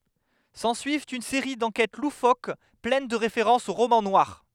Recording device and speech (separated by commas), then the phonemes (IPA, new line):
headset microphone, read sentence
sɑ̃syivt yn seʁi dɑ̃kɛt lufok plɛn də ʁefeʁɑ̃sz o ʁomɑ̃ nwaʁ